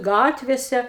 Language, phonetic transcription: Lithuanian, ˈgatvėse

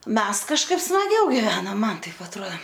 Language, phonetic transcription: Lithuanian, ˈmes kažˈkaip smaˈgiau giˈvenom ˈman ˈtaip atˈruo

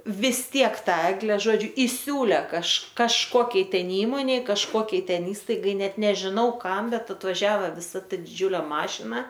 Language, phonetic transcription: Lithuanian, vis ˈtiek ˈtą ˈegle ˈžodžiu iˈsiūlė kaž kažˈkokiai ˈten ˈįmonei kažˈkuokiai ˈten ˈįstaigai ˈnet nežiˈnau ˈkam ˈbet atvaˈžiava viˈsa ˈta diˈdžiūlė ˈmašina

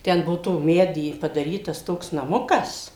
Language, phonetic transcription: Lithuanian, ˈten ˈbuo to ˈmedy padaˈrytas ˈtoks naˈmukas

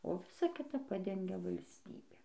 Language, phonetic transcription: Lithuanian, o ˈvisa ˈkita ˈpadengia valsˈtybė

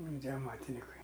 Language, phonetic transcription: Lithuanian, tie aˈmatinikai

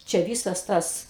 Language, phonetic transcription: Lithuanian, čia ˈvysas ˈtas

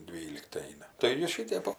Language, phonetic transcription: Lithuanian, ˈdvylikti ˈeina tai ˈjie ˈšitep ˈo

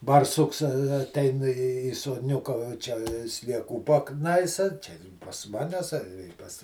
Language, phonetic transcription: Lithuanian, barˈsuks a aˈtein į į sodˈniuka va ˈčia slieˈkų paˈknaisa ˈčia pas ˈmanes a pas

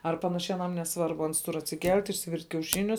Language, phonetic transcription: Lithuanian, ar ˈpanašiai aˈnam neˈsvarbu ˈans tur atsiˈkelt' išsiˈvirt' kiauˈšinius

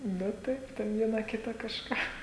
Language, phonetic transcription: Lithuanian, ˈnu ˈtaip ten ˈviena ˈkita kažˈką

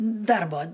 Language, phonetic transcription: Lithuanian, ˈdarbo

